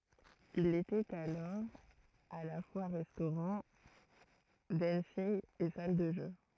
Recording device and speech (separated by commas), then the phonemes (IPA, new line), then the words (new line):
throat microphone, read sentence
il etɛt alɔʁ a la fwa ʁɛstoʁɑ̃ dɑ̃nsinɡ e sal də ʒø
Il était alors à la fois restaurant, dancing et salle de jeux.